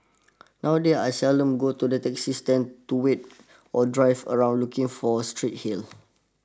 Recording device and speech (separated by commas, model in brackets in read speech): standing microphone (AKG C214), read sentence